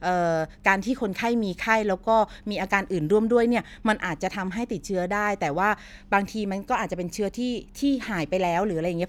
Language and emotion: Thai, neutral